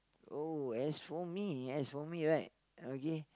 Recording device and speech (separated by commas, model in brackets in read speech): close-talking microphone, conversation in the same room